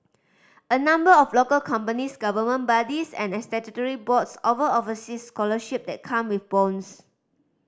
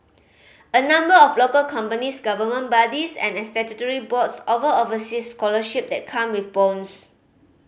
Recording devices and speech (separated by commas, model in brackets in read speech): standing microphone (AKG C214), mobile phone (Samsung C5010), read sentence